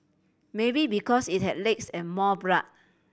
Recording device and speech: boundary microphone (BM630), read sentence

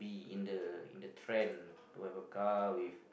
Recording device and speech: boundary microphone, conversation in the same room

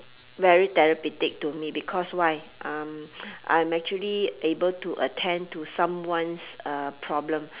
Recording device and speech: telephone, conversation in separate rooms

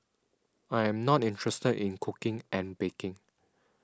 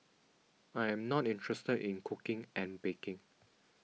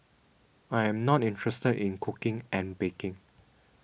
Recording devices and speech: standing microphone (AKG C214), mobile phone (iPhone 6), boundary microphone (BM630), read sentence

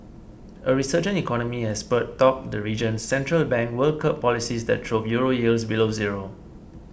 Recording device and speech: boundary microphone (BM630), read sentence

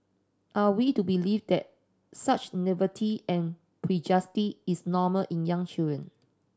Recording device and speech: standing microphone (AKG C214), read sentence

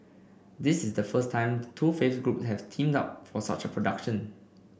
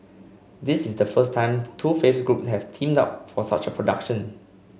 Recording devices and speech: boundary microphone (BM630), mobile phone (Samsung C5), read sentence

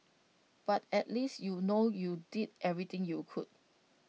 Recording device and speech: mobile phone (iPhone 6), read sentence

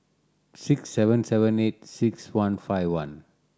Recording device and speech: standing microphone (AKG C214), read sentence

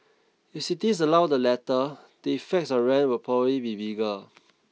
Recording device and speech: mobile phone (iPhone 6), read sentence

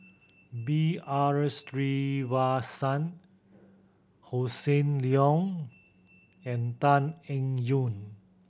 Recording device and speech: boundary microphone (BM630), read sentence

